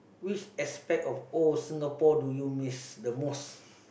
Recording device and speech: boundary microphone, conversation in the same room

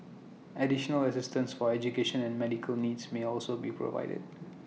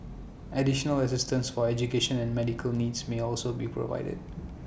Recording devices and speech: mobile phone (iPhone 6), boundary microphone (BM630), read sentence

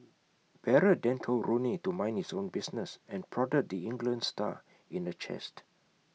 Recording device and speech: mobile phone (iPhone 6), read sentence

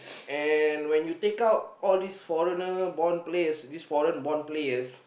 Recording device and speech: boundary microphone, conversation in the same room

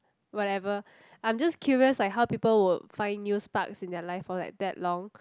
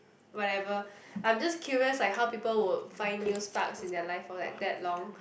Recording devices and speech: close-talking microphone, boundary microphone, conversation in the same room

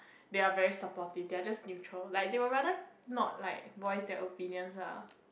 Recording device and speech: boundary microphone, conversation in the same room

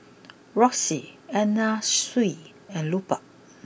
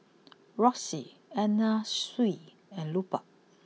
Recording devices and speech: boundary microphone (BM630), mobile phone (iPhone 6), read sentence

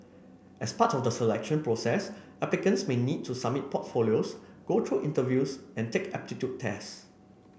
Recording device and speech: boundary microphone (BM630), read sentence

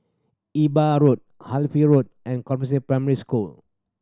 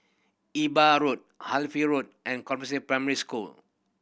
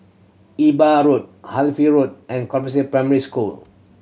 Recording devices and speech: standing microphone (AKG C214), boundary microphone (BM630), mobile phone (Samsung C7100), read sentence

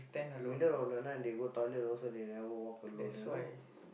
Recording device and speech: boundary microphone, conversation in the same room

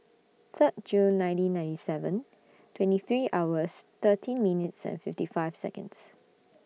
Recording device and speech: mobile phone (iPhone 6), read sentence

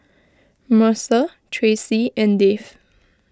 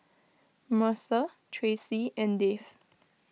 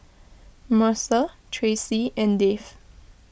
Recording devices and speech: close-talking microphone (WH20), mobile phone (iPhone 6), boundary microphone (BM630), read sentence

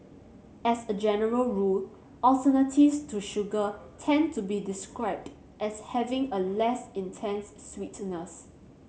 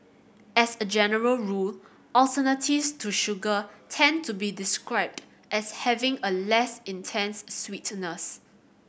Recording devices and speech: mobile phone (Samsung C7100), boundary microphone (BM630), read sentence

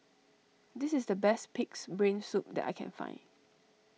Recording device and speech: mobile phone (iPhone 6), read sentence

